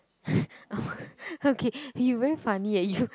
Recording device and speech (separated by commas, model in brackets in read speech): close-talking microphone, conversation in the same room